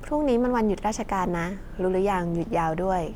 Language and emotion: Thai, neutral